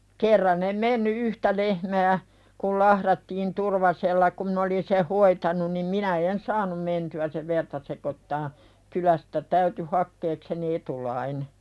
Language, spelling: Finnish, kerran en mennyt yhtä lehmää kun lahdattiin Turvasella kun minä olin sen hoitanut niin minä en saanut mentyä sen verta sekoittamaan kylästä täytyi hakeakseni etulainen
- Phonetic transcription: 'kerran ‿em 'menny "yhtä lehmää , kul 'lahðattiin Turvasella kum min ‿olin seh "hoitanun nim 'minä "en saanum menty₍ä sev 'verta sekottaa , 'kylästä täyty hakkeekseni "etulaine .

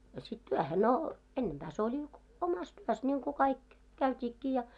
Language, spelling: Finnish, a sitten työhön no ennempää se oli omassa työssä niin kuin kaikki käytiinkin ja
- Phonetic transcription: a sit "tyähe no , 'ennempää se ‿oĺi , 'omas "tuos ńiŋku 'kaik , "käyt́iikkii ja .

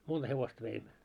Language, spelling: Finnish, monta hevosta veimme
- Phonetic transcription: 'monᴅa hevost 'veimmö .

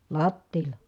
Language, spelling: Finnish, lattialla
- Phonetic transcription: lattiila .

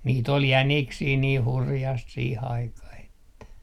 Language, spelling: Finnish, niitä oli jäniksiä niin hurjasti siihen aikaan että
- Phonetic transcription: nii't ‿ol "jäniksii 'nii "hurjast 'siih 'aikah ‿että .

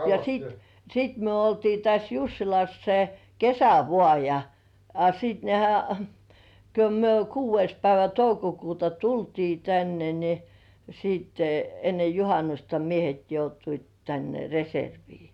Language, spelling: Finnish, ja sitten sitten me oltiin tässä Jussilassa se kesä vain ja a sitten nehän kun me kuudes päivä toukokuuta tultiin tänne niin sitten ennen juhannusta miehet joutuivat tänne reserviin
- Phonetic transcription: ja "siit , "siit myö oltii täs 'Jussilas se , "kesä vŏ§à ja , a 'sit nehä , ko myö "kuuv̆veis päivä 'toukokuuta "tultii 'tänne ni , siitte enne "juhanusta 'miehet joutuit tänne 'reservii .

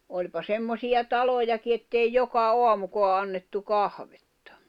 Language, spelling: Finnish, olipa semmoisia talojakin että ei joka aamukaan annettu kahvia
- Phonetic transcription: oĺpa 'semmosiʲa "talojaki ettei 'joka "oamukoa annettu "kahvettᴀ .

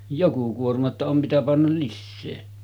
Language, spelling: Finnish, joku kuorma jotta on mitä panna lisää
- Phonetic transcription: 'joku kuorma ‿tta om mitä pannal 'lissee .

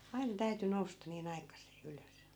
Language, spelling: Finnish, aina täytyi nousta niin aikaiseen ylös
- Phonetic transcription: 'ai̮nᵃ 'täyty 'nousta nii'n ‿aikas̀ee 'ylös .

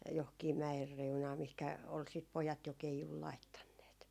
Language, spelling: Finnish, johonkin mäen reunaan mihinkä oli sitten pojat jo keijun laittaneet
- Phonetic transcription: johkii "mä₍er 'reunaa mihkä ol sit 'pojat jo "keijul 'laittanneet .

